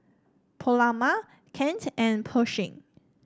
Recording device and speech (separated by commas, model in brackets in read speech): standing microphone (AKG C214), read sentence